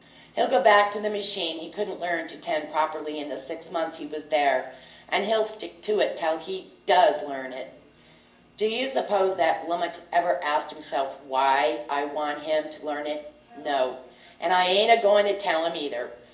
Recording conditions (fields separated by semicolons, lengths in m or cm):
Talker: one person; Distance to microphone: 1.8 m; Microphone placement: close; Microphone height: 1.0 m; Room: large; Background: television